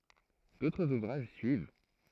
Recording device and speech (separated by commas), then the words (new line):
throat microphone, read sentence
D'autres ouvrages suivent.